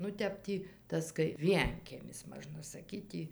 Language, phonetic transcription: Lithuanian, nu ˈtep tį ˈtas kai ˈvienkiemis ˈmažna saˈkyt tį

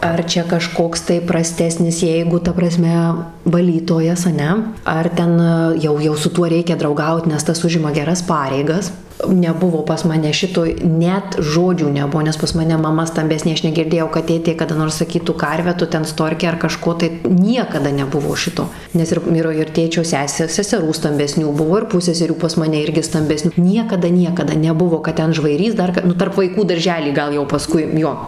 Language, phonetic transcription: Lithuanian, ˈar čia kaˈžkoks tai praˈstesnis ˈjeigu ta praˈsme vaˈlytojas aˈne ˈar ten ˈjau ˈjau su ˈtuo ˈreikia drauˈgaut nes ˈtas ˈužima geˈras ˈpareigas neˈbuvo pas ˈmane ˈšito ˈnet ˈžodžio neˈbuo nes pas maˈne maˈma stamˈbesnė ˈaš negirˈdėjau kad ˈtėtė kada ˈnors saˈkytų ˈkarve ˈtu ˈten ˈstorke ar kaˈžko tai ˈniekada neˈbuvo ˈšito ˈnes ir ˈvyro ir ˈtėčio ˈsesė seseˈrų stambeˈsnių ˈbuvo ir ˈpusseserių pas maˈne ˈirgi stambeˈsniu ˈniekada ˈniekada neˈbuvo kad ˈten žvaiˈrys ˈdar ka ˈnu tarp vaiˈkų darˈžely ˈgal jau paˈskui ˈjo

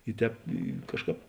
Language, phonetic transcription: Lithuanian, i ˈtēp i ˈkažˌkāp

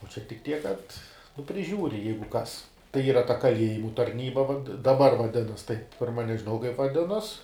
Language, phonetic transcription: Lithuanian, o čia tik ˈtiek kad nu priˈžiūri ˈjeigu ˈkas tai ˈyra ta kaˈliejimu tarˈnyba vad daˈbar vaˈdinas taip ˈpirma nežiˈnau kaip vaˈdinos

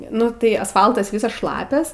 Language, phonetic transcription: Lithuanian, ˈnu tai asˈfaltas ˈvysas ˈšlapias

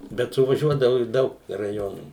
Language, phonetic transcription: Lithuanian, bet suvaˈžiuodavu iš ˈdaug raˈjonų

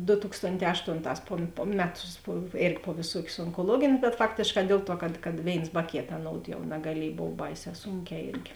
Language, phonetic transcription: Lithuanian, do ˈtukstonˌtē ˈaštonˌtās po po ˈmeˌtus po ˈėrgi po vėˈsuokius onkoˈluogėn' bet ˈfaktėšˌkā ˈdėl ˌtuo kad kad ˈvėins ba ˈkėt aˈnoud jau nagaˈliej ˈbov ˈbaiˌsē ˈsūnˌkē ˈėrgi

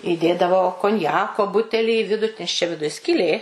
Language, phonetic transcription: Lithuanian, įˈdėdavo konˈjako ˈbutelį į ˈvidu nes čia viˈduj skyˈlė

